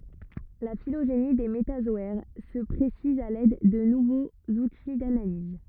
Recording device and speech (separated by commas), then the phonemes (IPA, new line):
rigid in-ear microphone, read sentence
la filoʒeni de metazɔɛʁ sə pʁesiz a lɛd də nuvoz uti danaliz